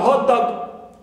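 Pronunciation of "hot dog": In 'hot dog', said as one compound noun for the food, the stress is on 'hot', the first word.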